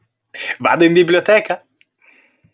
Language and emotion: Italian, happy